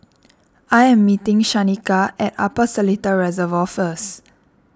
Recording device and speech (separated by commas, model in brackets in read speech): standing microphone (AKG C214), read sentence